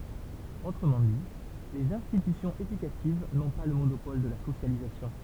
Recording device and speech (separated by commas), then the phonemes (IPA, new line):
temple vibration pickup, read sentence
otʁəmɑ̃ di lez ɛ̃stitysjɔ̃z edykativ nɔ̃ pa lə monopɔl də la sosjalizasjɔ̃